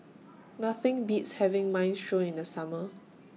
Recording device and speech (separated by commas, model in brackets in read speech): mobile phone (iPhone 6), read sentence